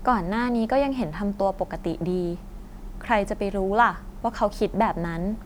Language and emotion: Thai, neutral